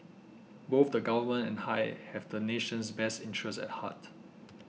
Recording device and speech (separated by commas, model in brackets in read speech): mobile phone (iPhone 6), read sentence